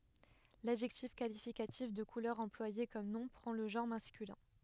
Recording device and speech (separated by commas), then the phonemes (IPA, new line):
headset microphone, read sentence
ladʒɛktif kalifikatif də kulœʁ ɑ̃plwaje kɔm nɔ̃ pʁɑ̃ lə ʒɑ̃ʁ maskylɛ̃